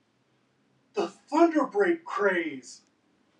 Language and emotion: English, disgusted